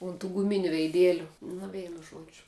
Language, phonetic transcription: Lithuanian, un tų guˈminiu veiˈdėliu nu ˈveinu ˈžuodžiu

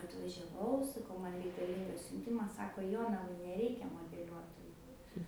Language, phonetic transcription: Lithuanian, atvažiaˈvau saˈkau ˈman reikaˈlyngas siunˈtimas ˈsako ˈjonavai neˈreikia modeˈliuotoju

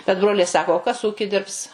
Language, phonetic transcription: Lithuanian, bet ˈbroliai ˈsako o ˈkas ˈūki ˈdirbs

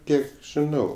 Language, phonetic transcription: Lithuanian, ˈkiek žiˈnau

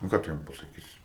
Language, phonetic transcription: Lithuanian, nu ˈką tu ˈjiem pasaˈkysi

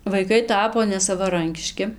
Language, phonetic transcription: Lithuanian, vaiˈkai ˈtapo nesavaˈrankiški

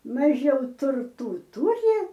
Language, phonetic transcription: Lithuanian, maˈžiau turˈtų ˈturi

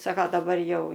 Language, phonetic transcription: Lithuanian, ˈsaka daˈbar ˈjau

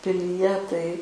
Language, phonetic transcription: Lithuanian, pilyˈje tai

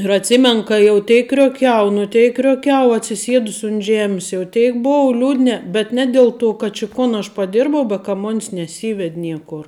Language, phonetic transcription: Lithuanian, ir atˈsimenu ˈka jau ˈteik krioˈkiau nu ˈteik krioˈkiau atsiˈsiedus unt ˈžemis jau ˈteik ˈbou ˈliūdne bet ˈne del ˌto kad či ˈkon aš paˈdirbau ba ka ˈmon's neˈsyved' ˈniekor

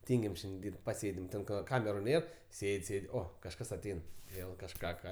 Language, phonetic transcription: Lithuanian, ˈtyngim ˈšiandi ˈdyrb't' paˈsėdim ˈten ka ˈkameru ˈnėr ˈsėd' ˈsėd' ˈo kažˈkas aˈtein ˈvėl kažˈką ˈką

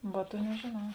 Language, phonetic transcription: Lithuanian, ˈva ˈtuo nežėˈnau

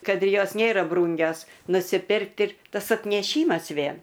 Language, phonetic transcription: Lithuanian, ˈkad i ˈjos ˈnėra ˈbrūngios nusiˈpirkti ˈtas atneˈšymas ˈvėn

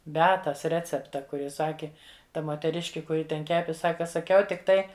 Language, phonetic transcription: Lithuanian, beˈatas ˈrecepta ˈkur ˈji ˈsaki ˈta moteˈriški kuˈri ten ˈkepi ˈsaka saˈkiau tikˈtai

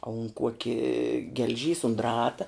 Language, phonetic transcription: Lithuanian, a un ˈkuoki gel'ˈžys un ˈdrata

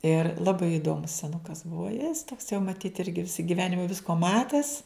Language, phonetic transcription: Lithuanian, ir laˈbai iˈdomus seˈnukas ˈbuo jis toks jau maˈtyt ˈirgi ˈvisa giˈvenima ˈvisko ˈmates

